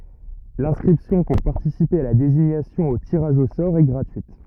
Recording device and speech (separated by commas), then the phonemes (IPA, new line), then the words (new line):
rigid in-ear microphone, read sentence
lɛ̃skʁipsjɔ̃ puʁ paʁtisipe a la deziɲasjɔ̃ o tiʁaʒ o sɔʁ ɛ ɡʁatyit
L’inscription pour participer à la désignation au tirage au sort est gratuite.